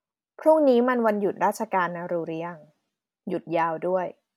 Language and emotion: Thai, neutral